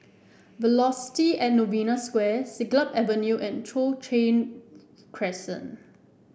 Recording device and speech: boundary microphone (BM630), read sentence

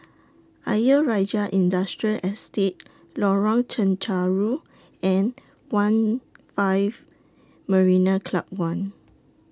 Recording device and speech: standing microphone (AKG C214), read sentence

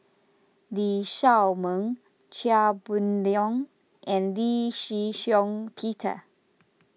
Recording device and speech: mobile phone (iPhone 6), read sentence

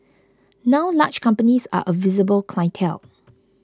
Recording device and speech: close-talking microphone (WH20), read sentence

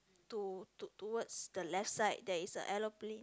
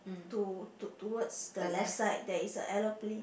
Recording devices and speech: close-talking microphone, boundary microphone, conversation in the same room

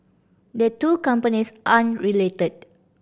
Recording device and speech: boundary microphone (BM630), read sentence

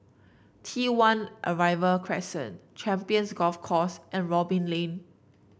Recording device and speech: boundary microphone (BM630), read sentence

